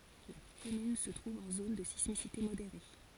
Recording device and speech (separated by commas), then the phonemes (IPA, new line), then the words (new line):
forehead accelerometer, read sentence
la kɔmyn sə tʁuv ɑ̃ zon də sismisite modeʁe
La commune se trouve en zone de sismicité modérée.